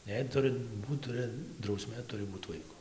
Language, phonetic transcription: Lithuanian, jei ˈturɨ ˈbūt ˈturɨ drauˈsmė ˈturi ˈbūt ˈvaiku

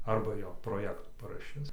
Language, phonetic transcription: Lithuanian, ˈarba jo proˈjektų paraˈšis

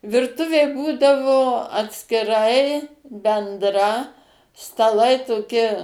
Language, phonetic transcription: Lithuanian, virˈtuvė ˈbūdavo atskiˈrai bendˈra staˈlai toˈki

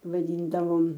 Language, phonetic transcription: Lithuanian, vaˈdyndavom

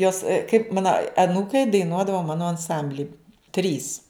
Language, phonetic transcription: Lithuanian, ˈjos kaip ˈmana aˈnūkai daiˈnuodava ˈmano anˈsambli ˈtrys

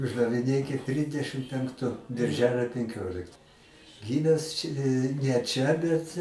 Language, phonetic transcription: Lithuanian, uždaviˈnėkit ˈtridešim penkˈtu birˈželio penˈkiolikt ˈgymęs č' ne ˈčia ˈbet

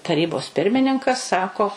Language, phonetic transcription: Lithuanian, taˈrybos ˈpirmininkas ˈsako

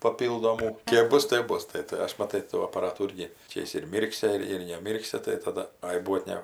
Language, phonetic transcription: Lithuanian, paˈpyldomų ˈkėp ˈbus tėp ˈbus ˈtai tai ˈaš maˈtai tų apaˈratų ˈirgi ˈčia jis ir ˈmyrksi ir ir neˈmyrksi tai taˈda ˈai ˈbuot ˈne

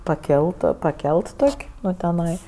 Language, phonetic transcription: Lithuanian, paˈkelt paˈkelt ˈtok' ˈnu teˈnai

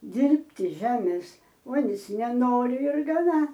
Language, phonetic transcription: Lithuanian, ˈdirbti ˈžemės ˈuonis neˈnori ir gaˈna

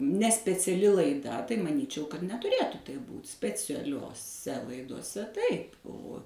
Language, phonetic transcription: Lithuanian, ne speciaˈli laiˈda tai maˈnyčiau kad netuˈrėtu taip ˈbūt specialioˈse laidoˈse ˈtaip o

